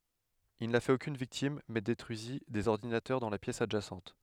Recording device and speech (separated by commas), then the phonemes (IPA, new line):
headset microphone, read sentence
il na fɛt okyn viktim mɛ detʁyizi dez ɔʁdinatœʁ dɑ̃ la pjɛs adʒasɑ̃t